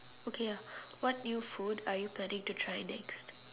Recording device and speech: telephone, conversation in separate rooms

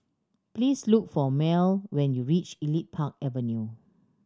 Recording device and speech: standing microphone (AKG C214), read sentence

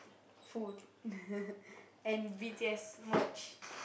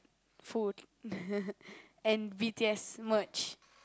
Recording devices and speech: boundary microphone, close-talking microphone, conversation in the same room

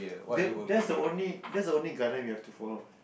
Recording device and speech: boundary microphone, conversation in the same room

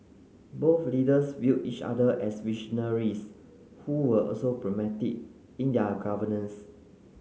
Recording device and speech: mobile phone (Samsung C9), read sentence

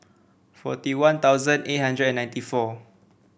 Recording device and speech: boundary microphone (BM630), read sentence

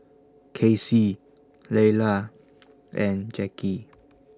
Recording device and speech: standing microphone (AKG C214), read sentence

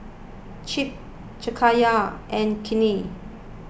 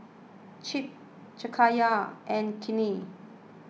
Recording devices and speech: boundary microphone (BM630), mobile phone (iPhone 6), read sentence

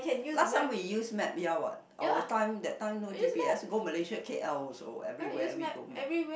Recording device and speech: boundary microphone, conversation in the same room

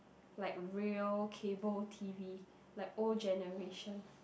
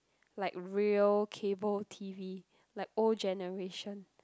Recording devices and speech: boundary microphone, close-talking microphone, conversation in the same room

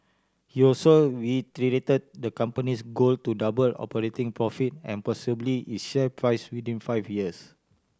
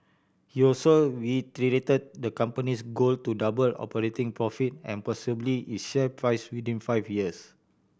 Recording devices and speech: standing microphone (AKG C214), boundary microphone (BM630), read sentence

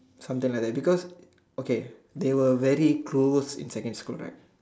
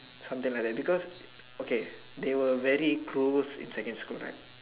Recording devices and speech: standing microphone, telephone, conversation in separate rooms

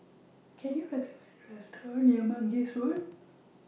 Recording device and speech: mobile phone (iPhone 6), read sentence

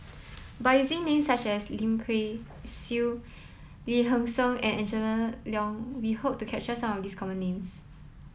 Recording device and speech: mobile phone (iPhone 7), read sentence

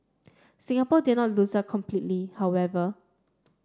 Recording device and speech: standing microphone (AKG C214), read sentence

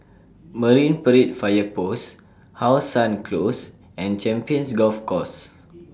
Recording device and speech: standing microphone (AKG C214), read sentence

